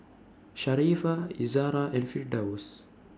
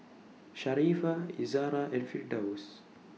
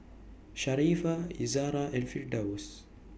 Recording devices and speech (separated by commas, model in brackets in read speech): standing microphone (AKG C214), mobile phone (iPhone 6), boundary microphone (BM630), read sentence